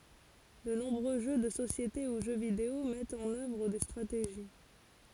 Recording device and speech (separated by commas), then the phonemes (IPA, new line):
forehead accelerometer, read sentence
də nɔ̃bʁø ʒø də sosjete u ʒø video mɛtt ɑ̃n œvʁ de stʁateʒi